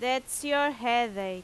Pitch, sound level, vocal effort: 250 Hz, 92 dB SPL, very loud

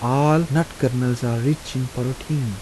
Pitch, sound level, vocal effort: 130 Hz, 78 dB SPL, soft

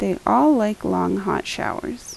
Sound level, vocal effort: 80 dB SPL, soft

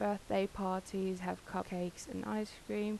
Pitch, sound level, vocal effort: 195 Hz, 81 dB SPL, soft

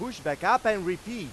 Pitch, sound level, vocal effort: 225 Hz, 102 dB SPL, very loud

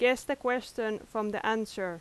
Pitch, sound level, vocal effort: 220 Hz, 88 dB SPL, very loud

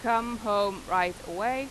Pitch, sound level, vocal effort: 230 Hz, 94 dB SPL, loud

